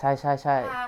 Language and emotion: Thai, neutral